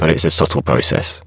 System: VC, spectral filtering